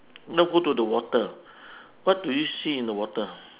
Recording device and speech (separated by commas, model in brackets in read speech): telephone, conversation in separate rooms